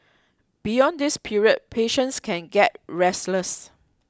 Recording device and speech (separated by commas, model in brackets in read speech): close-talking microphone (WH20), read sentence